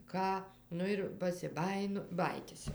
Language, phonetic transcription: Lithuanian, ˈką ˈnu ir pasiˈbajinu ˈbajytis jau

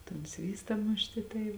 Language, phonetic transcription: Lithuanian, ton ˈsvysta ˈmušti tai

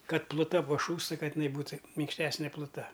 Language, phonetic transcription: Lithuanian, ˈkad pluˈta paˈšūsta ˈkad iˈnai ˈbūta minkšˈtesnė pluˈta

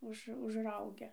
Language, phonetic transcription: Lithuanian, ˈuž užˈraugia

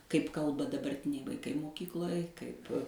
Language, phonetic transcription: Lithuanian, kaip ˈkalba dabarˈtiniai vaiˈkai moˈkykloj ˈkaip

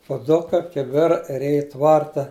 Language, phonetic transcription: Lithuanian, puˈduka kiˈbira ir ˈej i ˈtvarta

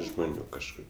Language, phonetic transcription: Lithuanian, žmoˈnių kažˈkur

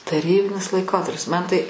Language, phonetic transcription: Lithuanian, taˈrybinis laiˈkotarpis ˈman tai

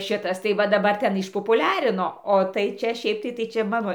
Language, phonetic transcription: Lithuanian, ˈšitas tai va daˈbar ˈten išpopuˈliarino o tai ˈčia ˈšiaip tai ˈčia ˈmano

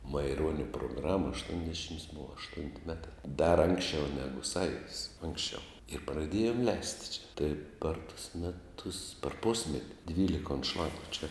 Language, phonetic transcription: Lithuanian, maiˈruonia proˈgrama aštuonˈdešims ˈbuva ašˈtunti ˈmeta dar ˈanksˌčiau ˈnegu ˈsąjudis ˈanksˌčiau ir praˈdėjom ˈleisti čia tai par tus meˈtus par ˈpusmeti ˈdvylika unˈšlagu čia

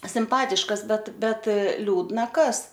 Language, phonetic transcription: Lithuanian, simˈpatiškas ˈbet ˈbet ˈliūdna ˈkas

